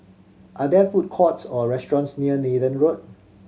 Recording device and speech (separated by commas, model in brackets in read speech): mobile phone (Samsung C7100), read sentence